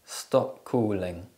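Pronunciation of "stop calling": In 'stop calling', the p at the end of 'stop' isn't released. It blends into the k sound at the start of 'calling'.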